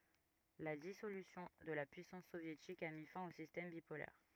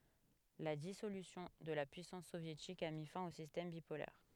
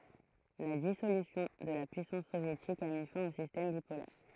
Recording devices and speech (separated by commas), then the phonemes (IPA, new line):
rigid in-ear microphone, headset microphone, throat microphone, read sentence
la disolysjɔ̃ də la pyisɑ̃s sovjetik a mi fɛ̃ o sistɛm bipolɛʁ